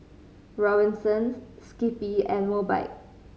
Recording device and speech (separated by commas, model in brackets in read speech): mobile phone (Samsung C5010), read sentence